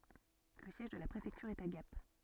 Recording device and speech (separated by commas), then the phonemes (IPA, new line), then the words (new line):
soft in-ear microphone, read sentence
lə sjɛʒ də la pʁefɛktyʁ ɛt a ɡap
Le siège de la préfecture est à Gap.